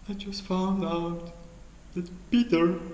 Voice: crying voice